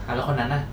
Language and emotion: Thai, neutral